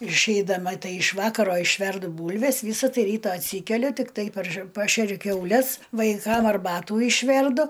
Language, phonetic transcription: Lithuanian, ir išeidaˈma ˈtai iš ˈvakaro išˈverdu ˈbūlves ˈvysa ˈtai ˈryta atˈsykeliu tikˈtai parž ˈpašeriu kiauˈles vaiˈkam arˈbatų išˈverdu

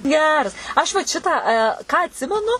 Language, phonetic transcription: Lithuanian, ˈgeras ˈaš vat ˈšitą ką atˈsimenu

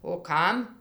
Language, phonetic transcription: Lithuanian, o ˈkam

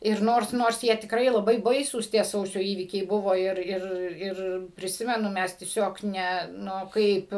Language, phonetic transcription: Lithuanian, ir ˈnors ˈnors ˈjie tikˈrai laˈbai ˈbaisūs tie ˈsausio ˈįvykiai ˈbuvo ˈir ˈir ˈir priˈsimenu ˈmes tieˈsiog ˈne ˈnu ˈkaip

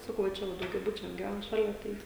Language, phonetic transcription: Lithuanian, ˈsakau va ˈčia va daugiaˈbučiuos giˈvæn ˈšalia ˈtai

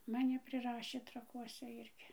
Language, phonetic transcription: Lithuanian, maˈni priˈrašė traˈkuose ˈirgi

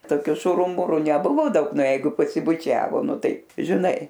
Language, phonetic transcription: Lithuanian, toˈkiu ˈšuru ˈmuru neˈbuvo ˈdaug ˈna ˈjeigu pasibuˈčiavo ˈnu ˈtai žiˈnai

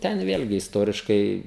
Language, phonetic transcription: Lithuanian, ˈten ˈvėlgi isˈtoriškai

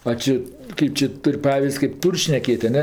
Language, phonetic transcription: Lithuanian, a ˈči ˈkaip či ˈtur' ˈpaviz'd' kėp ˈtūr' šneˈkėtˈ aˈne

